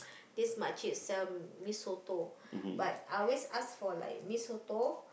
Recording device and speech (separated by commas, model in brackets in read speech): boundary microphone, conversation in the same room